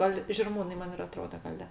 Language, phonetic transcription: Lithuanian, ˈgal žirˈmūnai ˈman ir aˈtroda gaˈle

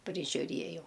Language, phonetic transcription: Lithuanian, prižiuˈriejau

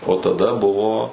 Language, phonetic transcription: Lithuanian, o taˈda ˈbuvo

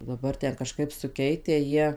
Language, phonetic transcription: Lithuanian, daˈbar ˈten kaˈžkaip suˈkeitę ˈjie

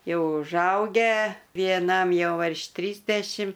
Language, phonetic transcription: Lithuanian, ˈjau užˈaugę vieˈnam ˈjau virš ˈtrysdešim

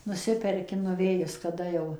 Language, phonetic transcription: Lithuanian, nuˈsiperki nuˈvėjis kaˈda jau

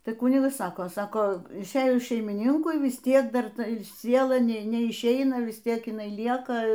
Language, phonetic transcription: Lithuanian, ˈtai ˈkunigas ˈsako ˈsako išˈėjus šeimiˈninkui vis ˈtiek ˈdar ˈta ˈsiela ˈne neišˈeina ˈvis ˈtiek iˈnai ˈlieka

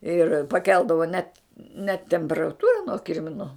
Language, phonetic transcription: Lithuanian, ir paˈkeldavo net net temperaˈtūra nuo ˈkirminu

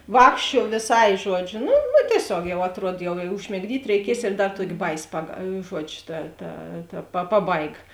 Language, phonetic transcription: Lithuanian, ˈvākščiuo vėˈsai ˈžuodžiu ˈnu nu tieˈsiog jau atˈruod jau i užmigˈdyt' reiˈkies ir ˈdar ˈtuokėˈbaiˌsi pag ˈžuodžiu ta ta ta pa ˈpaˌbaiga

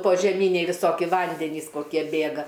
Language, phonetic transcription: Lithuanian, požeˈmyniai viˈsoki ˈvandenys koˈkie ˈbėga

